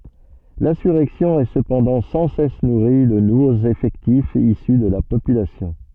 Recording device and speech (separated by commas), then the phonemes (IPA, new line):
soft in-ear microphone, read sentence
lɛ̃syʁɛksjɔ̃ ɛ səpɑ̃dɑ̃ sɑ̃ sɛs nuʁi də nuvoz efɛktifz isy də la popylasjɔ̃